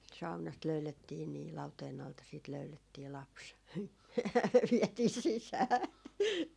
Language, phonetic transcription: Finnish, 'saunast 'löylettii nii 'lauteen ‿alta siit 'löylettii "laps , 'viɛtii 'sisää .
- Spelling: saunasta löydettiin niin lauteen alta sitten löydettiin lapsi vietiin sisään

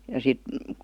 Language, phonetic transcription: Finnish, ja 'sit ,.
- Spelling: ja sitten

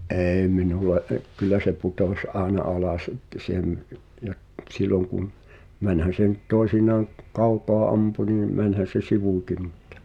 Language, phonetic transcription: Finnish, '’ee 'minule ’e- , kyl̆lä se 'putoś "’àena 'alas että s ‿è m- , ja’ , t̳sil̆lon kum , 'mänhän se nʸt "toi̬sinaaŋ k[u?] "kaukoa 'ampu niim , 'mänhän̬ se "sivùki muttᴀ ,.
- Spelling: ei minulle - kyllä se putosi aina alas että se ei - ja silloin kun mennään se nyt toisinaan kun kaukaa ampui niin menihän se sivuunkin mutta

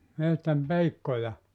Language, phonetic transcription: Finnish, 'mehtäm "peikkoja ?
- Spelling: metsän peikkoja

